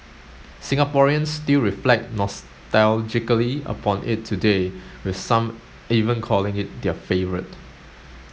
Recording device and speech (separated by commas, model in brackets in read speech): mobile phone (Samsung S8), read sentence